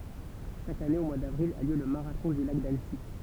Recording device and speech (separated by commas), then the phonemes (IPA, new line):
temple vibration pickup, read sentence
ʃak ane o mwaə davʁil a ljø lə maʁatɔ̃ dy lak danəsi